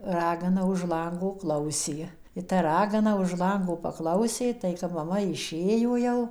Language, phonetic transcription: Lithuanian, ˈragana už ˈlango ˈklausė i ta ˈragana už ˈlango paˈklausė tai kap maˈma iˈšėjo jau

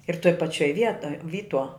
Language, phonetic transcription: Lithuanian, ir toj paˈčioj ˈvietoj ˈvytuo

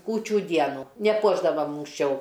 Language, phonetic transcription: Lithuanian, ˈkūčių ˈdienų neˈpuošdavam unksˈčiau

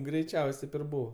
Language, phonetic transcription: Lithuanian, greiˈčiaus' ˈteip ir ˈbūva

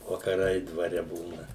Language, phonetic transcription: Lithuanian, vakaˈrai dvaˈre ˈbūna

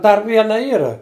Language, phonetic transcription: Lithuanian, ˈdar ˈviena ˈyra

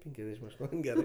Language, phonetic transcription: Lithuanian, ˈpenkiasdešim aš ˈtuon' ˈgerɜ

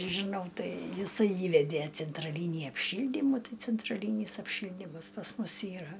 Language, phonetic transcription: Lithuanian, žiˈnau ˈtai jiˈsai ˈįvedė centraˈlynį apˈšyldymų ˈtai centraˈlynys apˈšyldymas pas ˈmus ˈyra

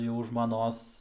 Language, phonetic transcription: Lithuanian, jau žmaˈnos

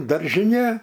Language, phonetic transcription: Lithuanian, daržiˈnė

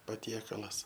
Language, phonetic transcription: Lithuanian, paˈtiekalas

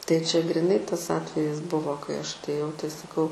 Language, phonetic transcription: Lithuanian, tai čia griˈnai ˈtas ˈatvejis ˈbuvo kai ˈaš atˈėjau tai saˈkau

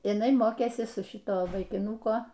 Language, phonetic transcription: Lithuanian, jiˈnai ˈmokėsi su ˈšito vaikiˈnuko

